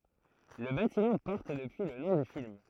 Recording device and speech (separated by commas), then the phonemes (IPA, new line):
throat microphone, read sentence
lə batimɑ̃ pɔʁt dəpyi lə nɔ̃ dy film